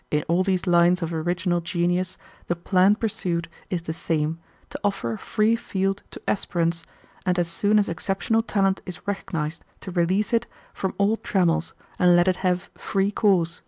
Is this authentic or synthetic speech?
authentic